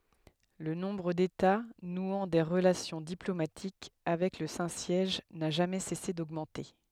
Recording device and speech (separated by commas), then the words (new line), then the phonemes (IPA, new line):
headset microphone, read sentence
Le nombre d'États nouant des relations diplomatiques avec le Saint-Siège n'a jamais cessé d'augmenter.
lə nɔ̃bʁ deta nwɑ̃ de ʁəlasjɔ̃ diplomatik avɛk lə sɛ̃ sjɛʒ na ʒamɛ sɛse doɡmɑ̃te